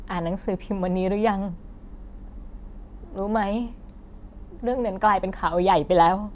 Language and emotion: Thai, sad